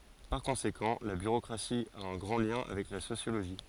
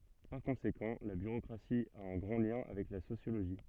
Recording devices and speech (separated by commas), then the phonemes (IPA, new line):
forehead accelerometer, soft in-ear microphone, read sentence
paʁ kɔ̃sekɑ̃ la byʁokʁasi a œ̃ ɡʁɑ̃ ljɛ̃ avɛk la sosjoloʒi